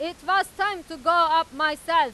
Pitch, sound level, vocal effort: 335 Hz, 106 dB SPL, very loud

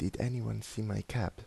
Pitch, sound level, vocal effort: 110 Hz, 77 dB SPL, soft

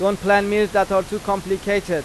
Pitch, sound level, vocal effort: 200 Hz, 95 dB SPL, loud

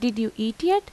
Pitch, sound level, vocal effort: 245 Hz, 85 dB SPL, normal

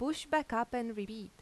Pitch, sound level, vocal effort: 240 Hz, 86 dB SPL, normal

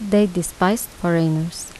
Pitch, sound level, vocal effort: 175 Hz, 77 dB SPL, soft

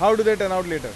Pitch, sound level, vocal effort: 200 Hz, 101 dB SPL, loud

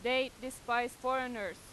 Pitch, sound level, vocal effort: 255 Hz, 94 dB SPL, very loud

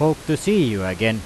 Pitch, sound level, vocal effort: 150 Hz, 91 dB SPL, very loud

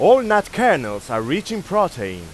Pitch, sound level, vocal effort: 200 Hz, 100 dB SPL, very loud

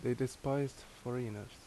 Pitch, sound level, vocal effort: 125 Hz, 78 dB SPL, loud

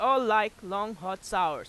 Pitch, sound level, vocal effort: 215 Hz, 99 dB SPL, very loud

